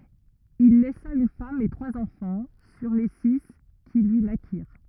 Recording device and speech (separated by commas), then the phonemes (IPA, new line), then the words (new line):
rigid in-ear microphone, read sentence
il lɛsa yn fam e tʁwaz ɑ̃fɑ̃ syʁ le si ki lyi nakiʁ
Il laissa une femme et trois enfants, sur les six qui lui naquirent.